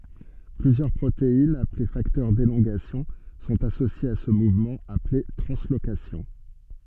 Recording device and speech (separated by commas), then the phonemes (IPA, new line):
soft in-ear microphone, read sentence
plyzjœʁ pʁoteinz aple faktœʁ delɔ̃ɡasjɔ̃ sɔ̃t asosjez a sə muvmɑ̃ aple tʁɑ̃slokasjɔ̃